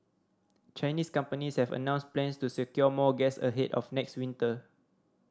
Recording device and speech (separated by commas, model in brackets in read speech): standing microphone (AKG C214), read sentence